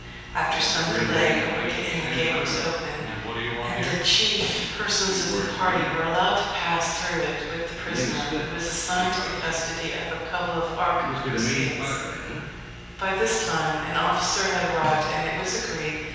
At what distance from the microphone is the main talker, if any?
7.1 m.